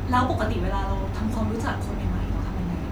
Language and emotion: Thai, neutral